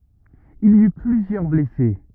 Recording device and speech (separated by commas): rigid in-ear microphone, read sentence